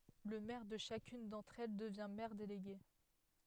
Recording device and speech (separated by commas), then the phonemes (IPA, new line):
headset microphone, read sentence
lə mɛʁ də ʃakyn dɑ̃tʁ ɛl dəvjɛ̃ mɛʁ deleɡe